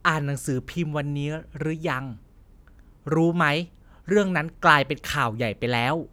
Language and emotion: Thai, neutral